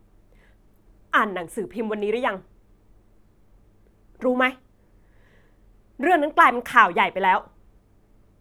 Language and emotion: Thai, frustrated